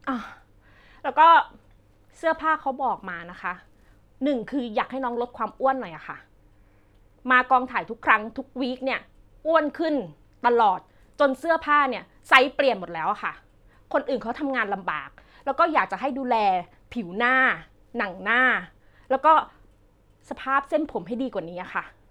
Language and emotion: Thai, frustrated